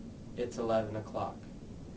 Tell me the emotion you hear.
neutral